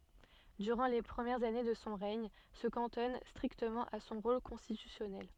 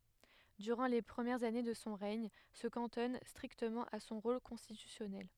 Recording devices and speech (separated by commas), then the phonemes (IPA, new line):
soft in-ear microphone, headset microphone, read sentence
dyʁɑ̃ le pʁəmjɛʁz ane də sɔ̃ ʁɛɲ sə kɑ̃tɔn stʁiktəmɑ̃ a sɔ̃ ʁol kɔ̃stitysjɔnɛl